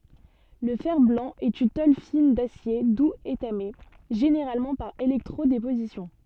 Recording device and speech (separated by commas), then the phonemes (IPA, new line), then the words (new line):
soft in-ear microphone, read sentence
lə fɛʁ blɑ̃ ɛt yn tol fin dasje duz etame ʒeneʁalmɑ̃ paʁ elɛktʁo depozisjɔ̃
Le fer-blanc est une tôle fine d'acier doux étamée, généralement par électro-déposition.